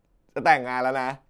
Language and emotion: Thai, happy